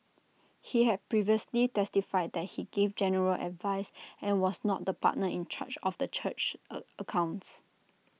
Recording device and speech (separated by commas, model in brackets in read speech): mobile phone (iPhone 6), read sentence